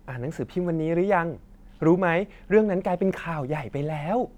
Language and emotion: Thai, happy